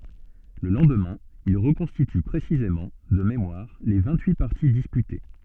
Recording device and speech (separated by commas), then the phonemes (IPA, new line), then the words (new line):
soft in-ear microphone, read sentence
lə lɑ̃dmɛ̃ il ʁəkɔ̃stity pʁesizemɑ̃ də memwaʁ le vɛ̃t yi paʁti dispyte
Le lendemain, il reconstitue précisément, de mémoire, les vingt-huit parties disputées.